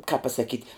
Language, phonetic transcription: Lithuanian, kāp pasaˈkyt'

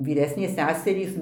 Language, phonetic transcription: Lithuanian, vyˈresnės ˈseserys

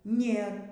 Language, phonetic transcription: Lithuanian, ˈnėr

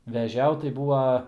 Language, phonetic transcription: Lithuanian, veˈžiaut tai ˈbūva

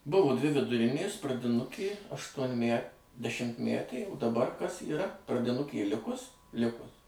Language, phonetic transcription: Lithuanian, ˈbuvo ˈdvi viduˈrinės pradiˈnukė aštuonˈmæ dešimtˈmætė u daˈbar kas yˈra pradiˈnukė ˈlikus ˈlikus

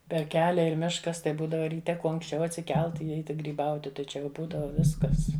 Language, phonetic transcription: Lithuanian, per ˈkelia ir ˈmiškas tai ˈbūdava ryˈte ˈkuo anksˈčiau atsiˈkelt i ˈeiti gryˈbauti tai ˈčia jau ˈbūdava ˈviskas

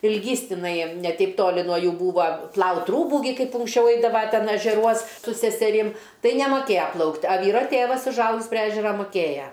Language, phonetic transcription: Lithuanian, ilˈgys tiˈnai ne ˈteip ˈtoli nuo ˈjų ˈbūva ˈplaut' ˈrūbų gi ˈkaip unksˈčiau ˈeidava ˈten ežeˈruos su seseˈrim ˈtai nemaˈkėja ˈplaukt' a ˈvyro ˈtėvas užˈaugis pri ˈežera muˈkėja

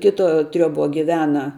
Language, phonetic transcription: Lithuanian, ˈkito ˈtrioˌbo giˈvena

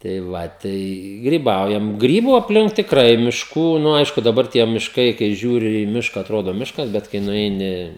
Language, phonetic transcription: Lithuanian, tai ˈva ˈtai gryˈbaujam ˈgrybu apˈlink tikˈrai mišˈkų nu ˈaišku daˈbar tie mišˈkai kai ˈžiūri į ˈmiška atˈrodo ˈmiškas ˈbet kai nuˈeini

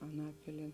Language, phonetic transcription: Lithuanian, aˈnapilie

